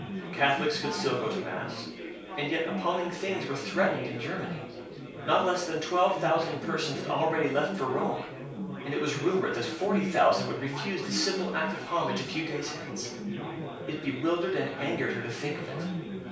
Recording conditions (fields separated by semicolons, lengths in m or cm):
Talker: one person; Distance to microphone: 3.0 m; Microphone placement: far; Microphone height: 1.8 m; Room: small (3.7 m by 2.7 m); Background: babble